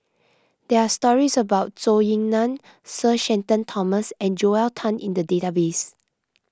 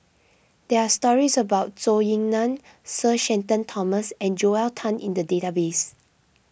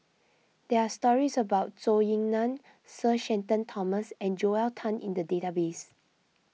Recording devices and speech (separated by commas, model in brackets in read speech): close-talking microphone (WH20), boundary microphone (BM630), mobile phone (iPhone 6), read sentence